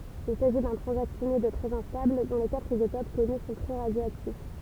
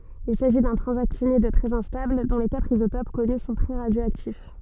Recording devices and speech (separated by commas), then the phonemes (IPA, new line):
temple vibration pickup, soft in-ear microphone, read sentence
il saʒi dœ̃ tʁɑ̃zaktinid tʁɛz ɛ̃stabl dɔ̃ le katʁ izotop kɔny sɔ̃ tʁɛ ʁadjoaktif